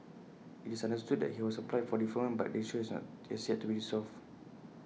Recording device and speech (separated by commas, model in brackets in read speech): mobile phone (iPhone 6), read sentence